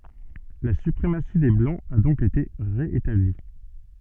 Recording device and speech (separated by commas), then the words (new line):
soft in-ear microphone, read sentence
La suprématie des blancs a donc été ré-établie.